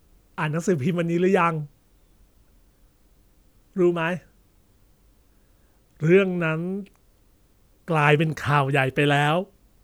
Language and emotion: Thai, frustrated